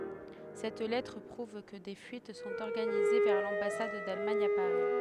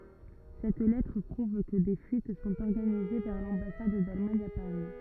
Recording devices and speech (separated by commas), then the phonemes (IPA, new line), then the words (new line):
headset microphone, rigid in-ear microphone, read sentence
sɛt lɛtʁ pʁuv kə de fyit sɔ̃t ɔʁɡanize vɛʁ lɑ̃basad dalmaɲ a paʁi
Cette lettre prouve que des fuites sont organisées vers l'ambassade d'Allemagne à Paris.